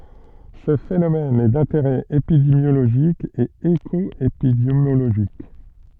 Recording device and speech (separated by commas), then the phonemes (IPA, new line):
soft in-ear microphone, read sentence
sə fenomɛn ɛ dɛ̃teʁɛ epidemjoloʒik e ekɔepidemjoloʒik